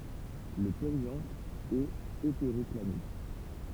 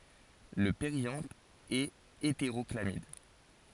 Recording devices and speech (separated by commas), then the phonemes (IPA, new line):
temple vibration pickup, forehead accelerometer, read sentence
lə peʁjɑ̃t ɛt eteʁɔklamid